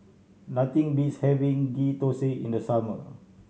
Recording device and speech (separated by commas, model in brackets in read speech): mobile phone (Samsung C7100), read sentence